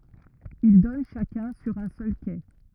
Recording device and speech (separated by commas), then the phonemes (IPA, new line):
rigid in-ear microphone, read sentence
il dɔn ʃakœ̃ syʁ œ̃ sœl ke